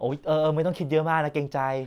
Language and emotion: Thai, neutral